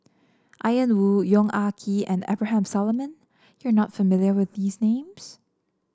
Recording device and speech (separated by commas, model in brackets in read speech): standing microphone (AKG C214), read sentence